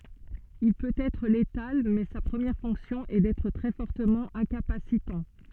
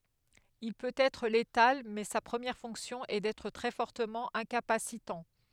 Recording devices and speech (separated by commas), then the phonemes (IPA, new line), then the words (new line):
soft in-ear microphone, headset microphone, read sentence
il pøt ɛtʁ letal mɛ sa pʁəmjɛʁ fɔ̃ksjɔ̃ ɛ dɛtʁ tʁɛ fɔʁtəmɑ̃ ɛ̃kapasitɑ̃
Il peut être létal mais sa première fonction est d'être très fortement incapacitant.